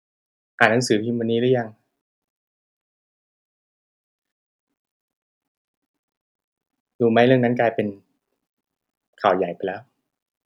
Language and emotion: Thai, sad